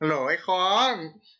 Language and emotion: Thai, happy